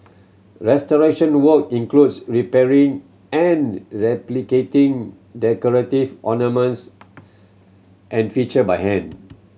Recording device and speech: mobile phone (Samsung C7100), read sentence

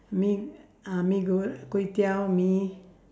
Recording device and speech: standing microphone, conversation in separate rooms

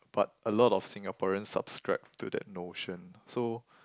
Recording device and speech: close-talking microphone, conversation in the same room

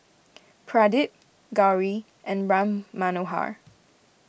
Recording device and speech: boundary microphone (BM630), read sentence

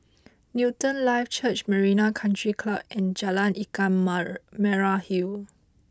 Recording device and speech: close-talking microphone (WH20), read sentence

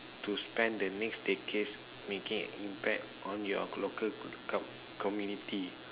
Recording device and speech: telephone, conversation in separate rooms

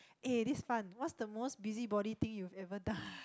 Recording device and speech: close-talking microphone, conversation in the same room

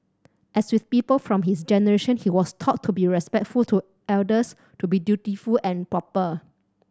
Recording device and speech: standing microphone (AKG C214), read sentence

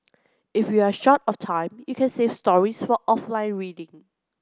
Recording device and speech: close-talking microphone (WH30), read sentence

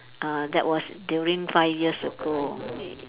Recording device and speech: telephone, conversation in separate rooms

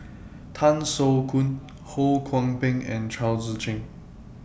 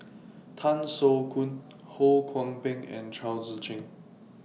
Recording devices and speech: boundary microphone (BM630), mobile phone (iPhone 6), read sentence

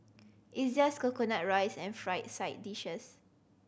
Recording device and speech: boundary microphone (BM630), read sentence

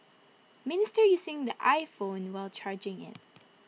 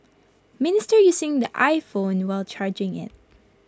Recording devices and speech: mobile phone (iPhone 6), close-talking microphone (WH20), read sentence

